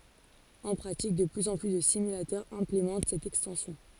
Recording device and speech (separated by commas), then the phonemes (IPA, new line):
forehead accelerometer, read sentence
ɑ̃ pʁatik də plyz ɑ̃ ply də simylatœʁz ɛ̃plemɑ̃t sɛt ɛkstɑ̃sjɔ̃